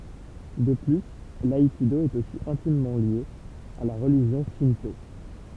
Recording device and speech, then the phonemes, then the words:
temple vibration pickup, read sentence
də ply laikido ɛt osi ɛ̃timmɑ̃ lje a la ʁəliʒjɔ̃ ʃɛ̃to
De plus, l'aïkido est aussi intimement lié à la religion Shinto.

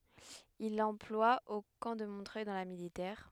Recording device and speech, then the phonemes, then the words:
headset microphone, read sentence
il lɑ̃plwa o kɑ̃ də mɔ̃tʁœj dɑ̃ la militɛʁ
Il l'emploie au camp de Montreuil dans la militaire.

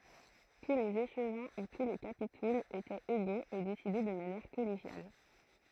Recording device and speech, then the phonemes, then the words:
throat microphone, read sentence
tu lez eʃvɛ̃ u tu le kapitulz etɛt eɡoz e desidɛ də manjɛʁ kɔleʒjal
Tous les échevins ou tous les capitouls étaient égaux et décidaient de manière collégiale.

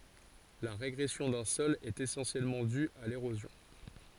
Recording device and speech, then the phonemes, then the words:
forehead accelerometer, read sentence
la ʁeɡʁɛsjɔ̃ dœ̃ sɔl ɛt esɑ̃sjɛlmɑ̃ dy a leʁozjɔ̃
La régression d'un sol est essentiellement due à l'érosion.

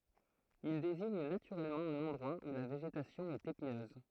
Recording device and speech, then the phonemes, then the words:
throat microphone, read sentence
il deziɲ natyʁɛlmɑ̃ œ̃n ɑ̃dʁwa u la veʒetasjɔ̃ ɛt epinøz
Il désigne naturellement un endroit où la végétation est épineuse.

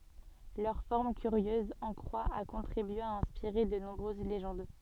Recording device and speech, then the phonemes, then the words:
soft in-ear microphone, read sentence
lœʁ fɔʁm kyʁjøz ɑ̃ kʁwa a kɔ̃tʁibye a ɛ̃spiʁe də nɔ̃bʁøz leʒɑ̃d
Leur forme curieuse en croix a contribué à inspirer de nombreuses légendes.

